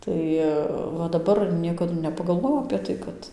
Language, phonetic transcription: Lithuanian, ˈtai va daˈbar ˈniekadu nepagalˈvojau apė ˈtai kad

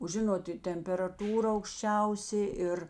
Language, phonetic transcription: Lithuanian, o ˈžinot i temperaˈtūra aukšˈčiausė ˈir

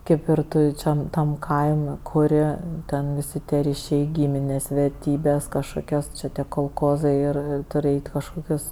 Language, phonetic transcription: Lithuanian, ˈkaip ir ˈtu ˈčia tam ˈkaim' kuˈri ˈten viˈsi tie ryˈšiai ˈgyminės verˈtybės kažˈkokios ˈčia tie kolˈkozai ir ˈturi ˈeit' i kažˈkokius

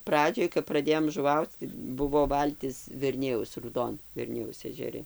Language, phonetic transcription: Lithuanian, ˈpradžioj kap praˈdėjom žuˈvauc tai ˈbuvo ˈvaltis verˈnijaus rūˈdon verˈnijaus ežeˈri

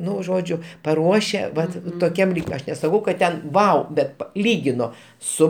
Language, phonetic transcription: Lithuanian, ˈnu ˈžodžiu paˈruošia ˈvat toˈkiam ˈlyg' ˈaš nesaˈkau kad ˈten ˈvau ˈbet ˈlygino ˈsu

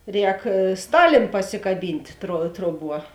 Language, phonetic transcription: Lithuanian, ˈrēk ˈstalėn pasikaˈbynt' tro ˈtroˌbuo

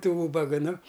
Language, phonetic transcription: Lithuanian, tų ˈūbaga nu

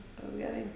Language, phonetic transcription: Lithuanian, ˈviskas geˈrai

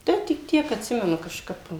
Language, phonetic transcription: Lithuanian, ˈtai tik ˈtiek atˈsimenu kažˈkap

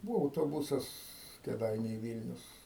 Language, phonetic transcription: Lithuanian, ˈbūvo autoˈbusas kėˈdainiai ˈvylnius

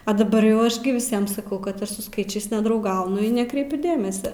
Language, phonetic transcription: Lithuanian, a daˈbar jau ˈaš gi viˈsiem saˈkau kad ˈaš su ˈskaičiais nedrauˈgaunu i neˈkreipiu ˈdėmesia

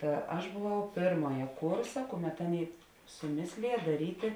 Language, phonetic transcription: Lithuanian, ˈta aš buˈvau ˈpėrmoja ˈkursa ˈkuˌmet ˈaˌnėi suˈmėslija daˈrytė

